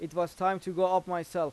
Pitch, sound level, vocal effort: 180 Hz, 93 dB SPL, loud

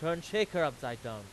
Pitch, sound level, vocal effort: 160 Hz, 97 dB SPL, very loud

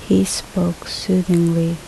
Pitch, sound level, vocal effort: 170 Hz, 71 dB SPL, soft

